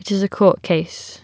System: none